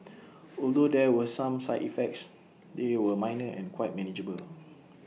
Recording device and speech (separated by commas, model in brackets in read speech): mobile phone (iPhone 6), read sentence